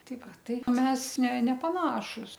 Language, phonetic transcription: Lithuanian, ˈtai ˈva ˈtai ˈmes ne nepaˈnašus

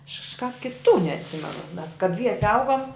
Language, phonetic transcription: Lithuanian, aš kažˈkāp kiˈtų neatˈsimenu mes ka ˈdviese ˈaugom

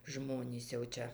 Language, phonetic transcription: Lithuanian, ˈžmonys jau ˈčia

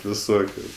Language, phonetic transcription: Lithuanian, viˈsokiu

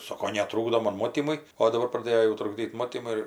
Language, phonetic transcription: Lithuanian, ˈsoko neˈtrūkdo ˈmon ˈmotymui o daˈbar praˈdėjo jau trukˈdyt ˈmotymui

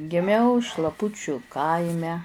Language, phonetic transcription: Lithuanian, giˈmiau šlaˈpučiu ˈkaime

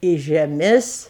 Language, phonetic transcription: Lithuanian, į žeˈmis

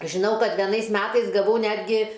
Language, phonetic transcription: Lithuanian, žiˈnau ˈkad veˈnais ˈmetais gaˈvau ˈnetgi

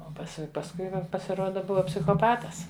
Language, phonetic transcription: Lithuanian, o paˈsi pasˈkui jau pasiˈruoda ˈbuva psichoˈpatas

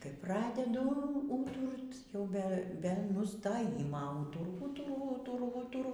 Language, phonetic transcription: Lithuanian, kai ˈpradedu ū ˈūturt jau ˈbe be nustoˈjima ˈūturu ˈūturu ˈūturu ˈūturu

